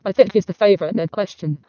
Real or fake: fake